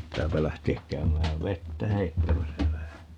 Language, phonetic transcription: Finnish, 'pittääpä 'lähte₍äk 'käymääv "vettä 'heittämäsä vähä .
- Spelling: pitääpä lähteä käymään vettä heittämässä vähän

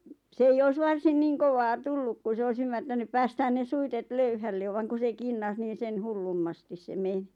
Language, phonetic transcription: Finnish, s ‿ei 'ois "varsin 'niiŋ kovaa "tulluk ku 's ‿ois ymmärtänyp "päästään ne 'suitet 'löyhälle 'vaŋ ku se "kinnas niin̬ 'sen "hullummastis se 'menɪ .
- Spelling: se ei olisi varsin niin kovaa tullut kun se olisi ymmärtänyt päästää ne suitset löyhälle vaan kun se kinnas niin sen hullummasti se meni

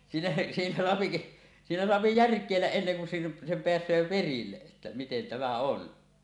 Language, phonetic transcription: Finnish, 'siinä , siinä soapi , 'siinä 'soapi "järk̀èilläˀ 'ˀenneŋ kun sen , sem 'peäs̀öö 'perille’ ’että miten tämä "on .
- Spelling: siinä siinä saa siinä saa järkeillä ennen kuin sen sen pääsee perille että miten tämä on

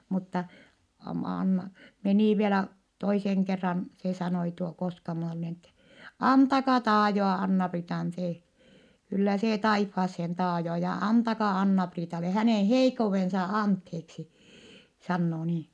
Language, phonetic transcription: Finnish, mutta , a- m- An- , menì vielä , toiseŋ kerran , se sanoi tuo Koskamon Onni ette , » antaka taajoa Anna-Priitan see , kyllä see taiffaassen taajoo ja antaka Anna-Priitale hänèn heikkouvensa antheeksi » , sannoo nii .
- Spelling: mutta - - - meni vielä toisen kerran se sanoi tuo Koskamon Onni että antakaa taajoa Anna-Priitan se kyllä se taivaaseen taajoo ja antakaa Anna-Priitalle hänen heikkoutensa anteeksi sanoo niin

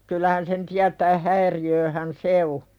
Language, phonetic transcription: Finnish, kyl̆lähän sen tiätää "häiri₍ööhän 'se o .
- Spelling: kyllähän sen tietää häiriötähän se on

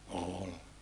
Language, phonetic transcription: Finnish, ool .
- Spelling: oli

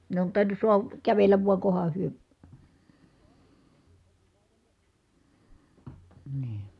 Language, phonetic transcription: Finnish, ne on tàiǹus suaha , kävelläv vua koha hyö , nii .
- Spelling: ne on tainnut saada kävellä vain kunhan he niin

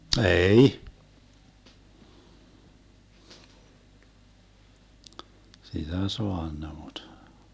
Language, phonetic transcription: Finnish, 'ee₍"i , 'sitä "soanna muD ,.
- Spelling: ei sitä saanut mutta

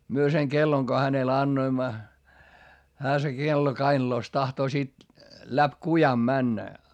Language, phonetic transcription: Finnish, myö seŋ kelloŋ ko hänel annoimma , hää se kello kainᵃlòs tahtoo sit , läp kujam männä .
- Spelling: me sen kellon kun hänelle annoimme hän se kello kainalossa tahtoo sitten läpi kujan mennä

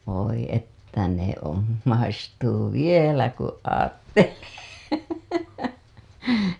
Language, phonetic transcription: Finnish, voi että ne on , 'maistuu "vielä ku 'aattelee .
- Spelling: voi että ne on maistuu vielä kun ajattelee

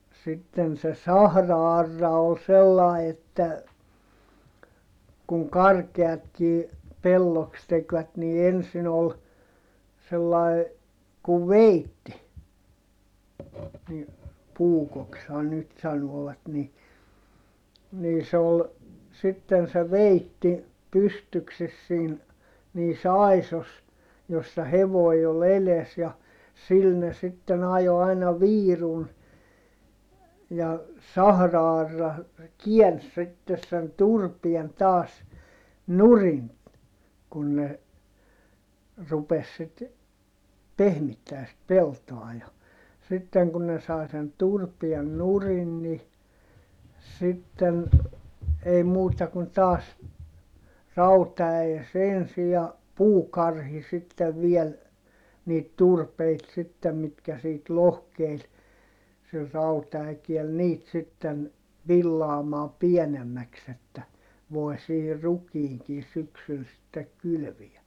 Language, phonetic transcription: Finnish, ja , sitten se sahra₍arra ol sellài että , kuŋ karkeatkii , pelloks tekvät nii ensin ‿ol , sellài̮ , kuv veitti , ni , puukokshan nyt sanooᵛat ni , nii se ol , sitten se veitti , pystykses siin , niis ‿àisos , jossa hevoi ol ‿eles ja , sil ne sitten ‿ajo aina viirun , ja , sahra₍arra , kiäns sittes sen turpien taas , nurin , kun ne , rupes sit , pehmittää sit peltoa ja , sitteŋ kun ne sai sen turpien nurin ni , sitten , ei muuta kun taas , rauta₍äjes ensi ja , puukarhi sittev viɛl , niit turpeit sittem mitkä siit lohkeil , sil rauta₍äkiɛl niit sitten , villaamaa piɛnemmäks ‿että , voi̮ sihir rukiiŋkin̬ syksyl sittek kylviä .
- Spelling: ja sitten se sahra-aura oli sellainen että kun karkeatkin pelloksi tekivät niin ensin oli sellainen kuin veitsi niin puukoksihan nyt sanovat niin niin se oli sitten se veitsi pystyksessä siinä niissä aisoissa jossa hevonen oli edessä ja sillä ne sitten ajoi aina viirun ja sahra-aura käänsi sitten sen turpeen taas nurin kun ne rupesi sitten pehmittämään sitten peltoa ja sitten kun ne sai sen turpeen nurin niin sitten ei muuta kuin taas rautaäes ensin ja puukarhi sitten vielä niitä turpeita sitten mitkä siitä lohkeili sillä rautaäkeellä niitä sitten villaamaan pienemmäksi että voi siihen rukiinkin syksyllä sitten kylvää

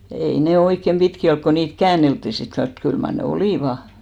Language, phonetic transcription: Finnish, ei ne 'oikkem ʙitki olk ko 'niit "kään̆neltti sit kans , mut 'kyl mar ne "olìva .
- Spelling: ei ne oikein pitkiä ollut kun niitä käänneltiin sitten kanssa mutta kyllä mar ne olivat

